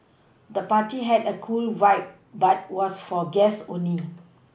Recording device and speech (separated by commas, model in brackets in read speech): boundary microphone (BM630), read sentence